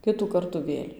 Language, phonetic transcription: Lithuanian, ˈkitų ˈkartų ˈvėl'

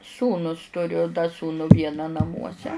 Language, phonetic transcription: Lithuanian, ˈsūnūs tuˈriu da ˈsūnu ˈvieną naˈmuose

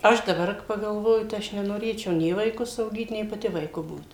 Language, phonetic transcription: Lithuanian, ˈaš daˈbar pagalˈvoju tai ˈaš nenoˈrėčiau ˈnė vaiˈkus auˈgyt nei paˈti vaiˈku ˈbūt

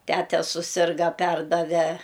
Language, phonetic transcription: Lithuanian, ˈtete suˈsirga ˈperdave

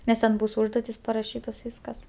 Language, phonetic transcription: Lithuanian, nes ˈten ˈbūs ˈužduotis paraˈšytos ˈvyskas

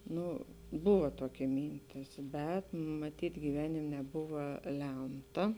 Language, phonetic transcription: Lithuanian, ˈnu ˈbuva ˈtokia ˈmyntis bet maˈtyt' gyˈvenim neˈbuva ˈlemta

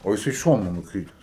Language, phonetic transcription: Lithuanian, o jiˈsai ˈšonu nukˈrytes

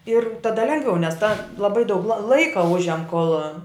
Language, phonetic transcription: Lithuanian, ir taˈda ˈlengviau nes ta laˈbai daug la ˈlaika ˈužiam kol

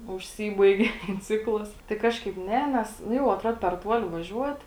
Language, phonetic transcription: Lithuanian, užˈsybaigė ten ˈciklas tai ˈkažkaip ˈne ˈnes nu ˈjau atˈruod per ˈtuoli vaˈžiuot

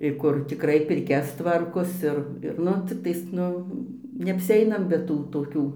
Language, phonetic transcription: Lithuanian, ir ˈkur tikˈrai pirˈkias ˈtvarkos ˈir ir ˈnu ˈciktais ˈnu neapsiˈeinam be ˈtų toˈkių

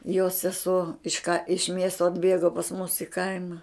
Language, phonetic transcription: Lithuanian, jos seˈsuo iš ka iš ˈmiesto atˈbėgo pas mus i ˈkaima

